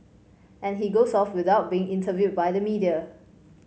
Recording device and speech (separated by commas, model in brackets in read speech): mobile phone (Samsung C5), read sentence